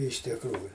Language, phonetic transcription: Lithuanian, iš tikˈrųju

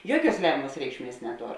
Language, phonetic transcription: Lithuanian, ˈjuoˌkiuos ˈlemiamas ˈreikšˌmies neˈtor

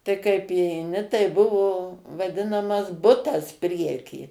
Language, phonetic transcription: Lithuanian, tai kaip įeiˈni tai ˈbuvo vaˈdinamas ˈbutas ˈprieky

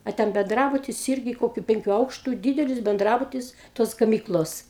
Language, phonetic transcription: Lithuanian, a ˈten benˈdrabutis ˈirgi ˈkokiu ˈpenkiu ˈaukštu ˈdydelis benˈdrabutis ˈtos gaˈmyklos

